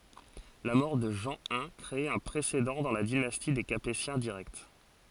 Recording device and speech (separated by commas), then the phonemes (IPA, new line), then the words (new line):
forehead accelerometer, read sentence
la mɔʁ də ʒɑ̃ i kʁe œ̃ pʁesedɑ̃ dɑ̃ la dinasti de kapetjɛ̃ diʁɛkt
La mort de Jean I crée un précédent dans la dynastie des Capétiens directs.